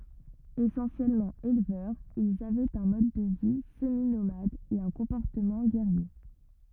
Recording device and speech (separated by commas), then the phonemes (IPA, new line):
rigid in-ear microphone, read sentence
esɑ̃sjɛlmɑ̃ elvœʁz ilz avɛt œ̃ mɔd də vi səminomad e œ̃ kɔ̃pɔʁtəmɑ̃ ɡɛʁje